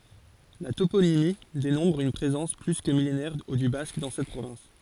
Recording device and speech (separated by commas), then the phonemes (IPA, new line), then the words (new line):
forehead accelerometer, read sentence
la toponimi demɔ̃tʁ yn pʁezɑ̃s ply kə milenɛʁ dy bask dɑ̃ sɛt pʁovɛ̃s
La toponymie démontre une présence plus que millénaire du basque dans cette province.